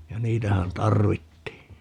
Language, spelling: Finnish, ja niitähän tarvittiin
- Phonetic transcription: ja 'niitähän "tarvittii .

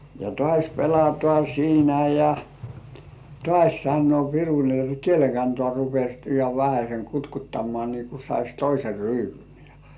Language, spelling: Finnish, ja taas pelataan siinä ja taas sanoo piru niin jotta kielen kantaa rupesi ihan vähäsen kutkuttamaan niin kuin saisi toisen ryypyn ja
- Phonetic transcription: ja "tŏ§àś 'pelatŏà 'siinä ja , "tŏàś 'sannŭ§ò 'piru ni ‿ot » "kiele kantŏà rupes̜ ihav vähäseŋ 'kutkuttammŏ§à nii ku sais 'toiser "ryypyn « jᴀ .

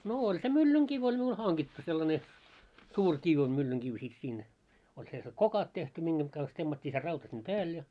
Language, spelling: Finnish, no oli se myllynkivi oli minulla hangittu sellainen suuri kivi on myllynkivi sitten siinä oli sellaiset kokat tehty mihin kanssa temmattiin se rauta sitten päälle ja
- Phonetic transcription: no 'oĺ se 'myllyŋ'kiv oĺ miul 'haŋɢittu sellane , 'suur 'kiv o 'myllyŋkiv sit siin , oĺ selse "kokat tehty 'miŋɢeŋ ɢans 'temmat́t́ii se rauta sim "pääl ja .

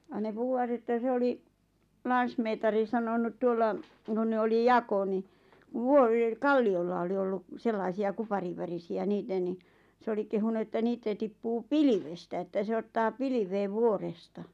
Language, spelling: Finnish, ja ne puhuvat että se oli lansmeetari sanonut tuolla kun ne oli jako niin - kalliolla oli ollut sellaisia kuparinvärisiä niitä niin se oli kehunut että niitä tippuu pilvestä että se ottaa pilveen vuoresta
- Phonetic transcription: ja ne 'puhuwat ‿että 'se oli , 'lansmeetari sanonut tuolla , kun ne oli "jako ni , ᵛᵘᵒʳⁱˡˉ "kalli₍olla oli olluk , 'sellaisi₍a 'kuparivvärisi₍ä 'niitä ni , 'se oli kehunu että 'niitä tippuu "pilivestä että se 'ottaa "piliveev 'vuoresta .

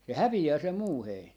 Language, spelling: Finnish, se häviää se muu heinä
- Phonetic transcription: se "hävi₍ää se "muu 'heinä .

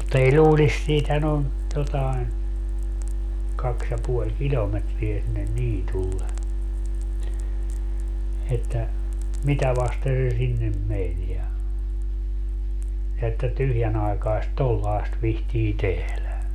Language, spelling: Finnish, mutta ei luulisi siitähän on jotakin kaksi ja puoli kilometriä sinne niitylle että mitä vasten se sinne meni ja ja että tyhjänaikaista tuollaista viitsii tehdä
- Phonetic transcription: mutta ei "ĺuulis - 'siithän ‿on , jotaen , 'kaks ja 'puoĺ "kiĺometriä sinnen 'niitulle - että , "mitä vaste se 'sinnem 'men ja , ja että 'tyhjänaekaest "tollaest vihtii 'tehlä .

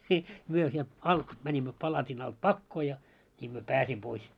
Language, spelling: Finnish, niin me sieltä alta menimme palatin alta pakoon ja niin me pääsimme pois
- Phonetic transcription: ńi , 'myö sielt "alt , mäńimmö 'palatin alt "pakkoo ja , ńiim myö "pääsim pois .

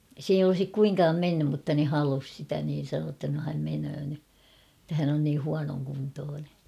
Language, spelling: Finnish, se ei olisi kuinkaan mennyt mutta ne halusi sitä niin sanoi jotta no hän menee nyt että hän on niin huonokuntoinen
- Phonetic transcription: 's ‿ei olᵒsik 'kuiŋkaam "mennym mutta ne 'halus sitä niin̬ sanoo ‿tta no häm 'menöö ny , [et]tä hän ‿on nii 'huanoŋkuntoone .

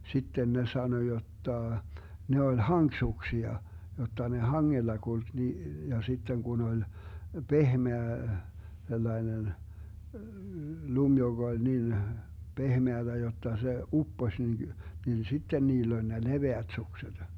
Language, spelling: Finnish, sitten ne sanoi jotta ne oli hankisuksia jotta ne hangella kulki niin ja sitten kun oli pehmeä sellainen lumi joka oli niin pehmeätä jotta se upposi niin niin sitten niillä oli ne leveät sukset
- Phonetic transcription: 'sitten ne 'sano 'jottà , 'ne oĺ "haŋksuksia , 'jotta ne "haŋŋella 'kulk ni , ja 'sitten 'kun ‿oĺ , "pehmeä , 'sellainen , "lum 'joG ‿oĺ 'nin , "pehmeäDä 'jotta se , "uppoś nin , nin 'sitten 'niill ‿oĺ ne "leveät 'sukseD .

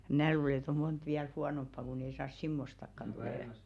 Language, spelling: Finnish, minä luulen että on monta vielä huonompaa kun ei saa semmoistakaan tulemaan
- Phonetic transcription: 'mnää luule et ‿o "mont viäl 'huanomppa kun ‿ei saas "simmostakkan tulèma .

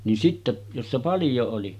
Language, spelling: Finnish, niin sitten jossa paljon oli
- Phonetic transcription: nin sitte , jossa 'paljo oli .

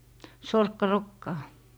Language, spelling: Finnish, sorkkarokkaa
- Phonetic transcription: "sorkka'rokkaa .

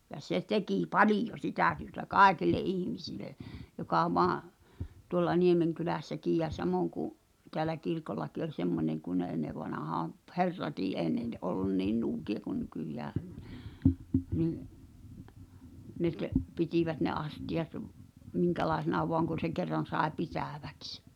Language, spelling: Finnish, ja se teki paljon sitä työtä kaikille ihmisille joka vain tuolla Niemenkylässäkin ja samoin kuin täällä kirkollakin oli semmoinen kun ne ennen vanhaan - herratkin ei ne - ollut niin nuukia kuin nykyään niin ne - pitivät ne astiat minkälaisena vain kun se kerran sai pitäviksi
- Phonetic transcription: ja 'se "tekì "palijo 'sitä̀ työ̆tä "kàekil̆le '’ihmisile , joka 'voà , tuŏlla 'Niemeŋkylä̀ssäkiij jä 'samòŋ ku’ , teälä 'kirkollaki oĺ 'semmoneŋ kun̆ ne 'ennev̆vanahaam p- "herratii èi̬ ne n- ollun "niin nuuki₍a ku 'nykyjää , nii’ , ne t- , "pitivät ne 'asti₍at , 'miŋkälàesena "voaŋ kun̬ se 'kerran̬ sàe "pitä̀vᴀ̈ks .

